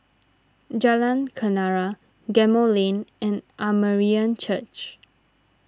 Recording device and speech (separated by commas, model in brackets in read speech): standing microphone (AKG C214), read sentence